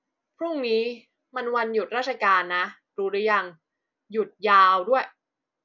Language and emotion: Thai, frustrated